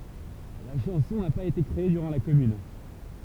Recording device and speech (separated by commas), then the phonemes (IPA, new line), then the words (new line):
temple vibration pickup, read sentence
la ʃɑ̃sɔ̃ na paz ete kʁee dyʁɑ̃ la kɔmyn
La chanson n'a pas été créée durant la Commune.